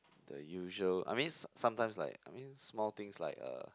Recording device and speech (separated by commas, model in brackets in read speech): close-talking microphone, conversation in the same room